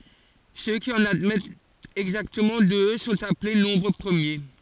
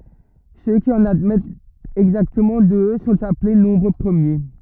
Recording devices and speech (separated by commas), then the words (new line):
forehead accelerometer, rigid in-ear microphone, read sentence
Ceux qui en admettent exactement deux sont appelés nombres premiers.